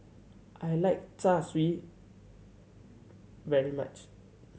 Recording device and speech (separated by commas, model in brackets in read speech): mobile phone (Samsung C7100), read sentence